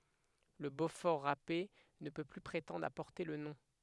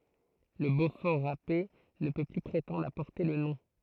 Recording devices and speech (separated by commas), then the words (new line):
headset microphone, throat microphone, read sentence
Le beaufort râpé ne peut plus prétendre à porter le nom.